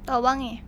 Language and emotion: Thai, frustrated